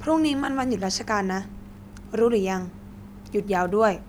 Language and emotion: Thai, frustrated